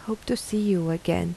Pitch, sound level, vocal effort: 195 Hz, 78 dB SPL, soft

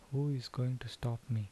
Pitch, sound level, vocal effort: 125 Hz, 73 dB SPL, soft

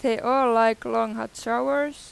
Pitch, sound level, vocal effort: 235 Hz, 93 dB SPL, loud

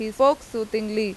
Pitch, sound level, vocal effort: 220 Hz, 90 dB SPL, very loud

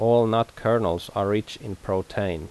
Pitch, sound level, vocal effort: 105 Hz, 83 dB SPL, normal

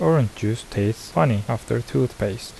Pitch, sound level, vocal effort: 115 Hz, 76 dB SPL, soft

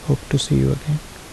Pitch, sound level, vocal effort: 140 Hz, 69 dB SPL, soft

